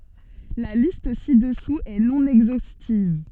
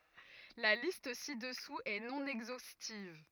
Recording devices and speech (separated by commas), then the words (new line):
soft in-ear microphone, rigid in-ear microphone, read sentence
La liste ci-dessous est non exhaustive.